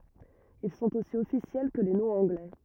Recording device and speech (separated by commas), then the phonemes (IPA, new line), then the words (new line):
rigid in-ear microphone, read sentence
il sɔ̃t osi ɔfisjɛl kə le nɔ̃z ɑ̃ɡlɛ
Ils sont aussi officiels que les noms anglais.